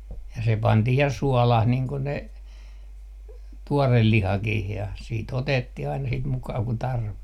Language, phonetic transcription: Finnish, ja se 'pantih ja "suɔlah niiŋ ko ne , "tuorel 'lihakih ja , 'sii't ‿otettih ‿aina sit 'mukaa ku 'tarvi .
- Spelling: ja se pantiin ja suolaan niin kuin ne tuore lihakin ja sitten otettiin aina sitä mukaa kuin tarvitsi

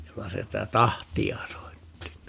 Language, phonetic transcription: Finnish, 'joka 'sitä "tahti₍a 'soitti (ni) .
- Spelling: joka sitä tahtia soitti niin

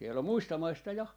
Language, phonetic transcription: Finnish, siel ‿om̆ "muista "maista 'ja .
- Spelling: siellä on muista maista ja

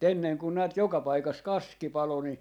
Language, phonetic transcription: Finnish, 'enneŋ kun näät 'joka paikas "kaski 'palo ni ,.
- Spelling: ennen kun näet joka paikassa kaski paloi niin

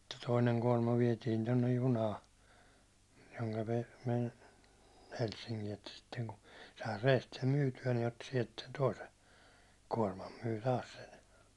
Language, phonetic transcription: Finnish, (s)itte 'toineŋ kuårma 'viɛtiin tonnej "junaa , joŋka (ne vei) , 'Helssiŋki että 'sitteŋku , sai 'reest sem 'myyty₍ä ni otti 'siɛlt sen "toisen̬ , 'kuårmam myy 'taas sen̬ .
- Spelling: sitten toinen kuorma vietiin tuonne junaan jonka ne vei Helsinkiin että sitten kun sai reestä sen myytyä niin otti sieltä sen toisen kuorman myi taas sen

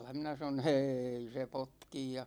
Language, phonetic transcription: Finnish, 'minä sanon̬ » "ʰêi se 'potkij « ja .
- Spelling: minä sanoin ei se potki ja

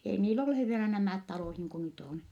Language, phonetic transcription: Finnish, ei niil ‿ollu he - vielä nämä̀t talòh niiŋku nyt ‿on .
- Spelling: ei niillä ollut he vielä nämä talot niin kuin nyt on

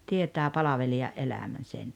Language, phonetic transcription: Finnish, 'tietää "palaveli₍a’ '’elämän̬ sen .
- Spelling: tietää palvelijan elämän sen

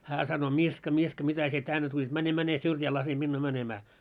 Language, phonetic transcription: Finnish, hää sano » 'Miska 'Miska mitä sie 'tänne tuĺit , 'mäne 'mäne syrjää 'lase minnuu 'mänemää « .
- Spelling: hän sanoi Miska Miska mitä sinä tänne tulit mene mene syrjään laske minua menemään

